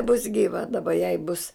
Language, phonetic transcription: Lithuanian, bus gyˈva daˈba jai bus

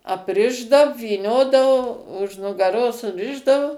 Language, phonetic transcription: Lithuanian, apˈrišdav vyˈniodavo už nugaˈros suˈrišdavu

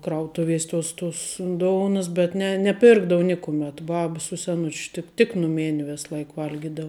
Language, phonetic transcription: Lithuanian, ˈkrautuvies' tos tos ˈdounas bet ˈne neˈpirkdavu ˈnikumet ˈbab su seˈnuč ˈtik tik nuˈmėn' ˈvės ˈlaik ˈvalgidav

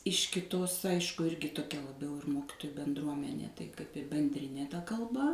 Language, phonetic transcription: Lithuanian, iš kiˈtos ˈaišku ˈirgi toˈkia laˈbiau ir ˈmokitoju benˈdruomenė tai kaip i benˈdrinė ta kalˈba

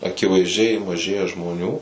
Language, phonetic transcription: Lithuanian, akivaizˈdžiai maˈžėja žmoˈnių

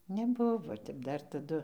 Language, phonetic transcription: Lithuanian, neˈbuvo ˈtep ˈdar taˈdu

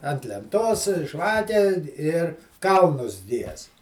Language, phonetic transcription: Lithuanian, ant lenˈtos ˈžvake ir ˈkalnus ˈgiest

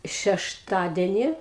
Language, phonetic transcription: Lithuanian, šešˈtadeni

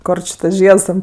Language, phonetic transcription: Lithuanian, ˈkor či tas ˈžieds ten

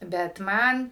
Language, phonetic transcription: Lithuanian, bet ˈman

